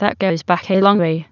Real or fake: fake